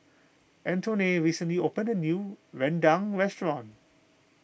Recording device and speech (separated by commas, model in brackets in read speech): boundary microphone (BM630), read sentence